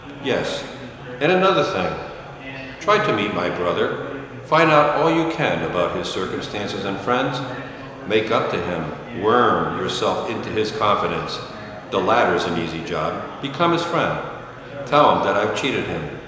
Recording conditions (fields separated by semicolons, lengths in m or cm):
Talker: one person; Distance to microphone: 1.7 m; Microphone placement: close; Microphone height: 1.0 m; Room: very reverberant, large; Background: babble